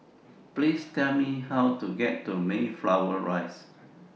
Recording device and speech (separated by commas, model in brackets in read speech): mobile phone (iPhone 6), read sentence